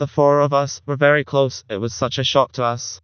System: TTS, vocoder